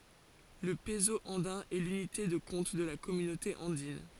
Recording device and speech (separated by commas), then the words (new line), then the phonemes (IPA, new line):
forehead accelerometer, read sentence
Le peso andin est l'unité de compte de la Communauté andine.
lə pəzo ɑ̃dɛ̃ ɛ lynite də kɔ̃t də la kɔmynote ɑ̃din